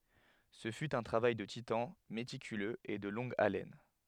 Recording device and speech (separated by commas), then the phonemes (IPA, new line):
headset microphone, read sentence
sə fy œ̃ tʁavaj də titɑ̃ metikyløz e də lɔ̃ɡ alɛn